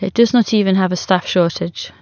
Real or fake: real